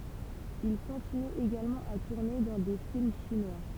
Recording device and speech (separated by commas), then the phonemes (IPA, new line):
temple vibration pickup, read sentence
il kɔ̃tiny eɡalmɑ̃ a tuʁne dɑ̃ de film ʃinwa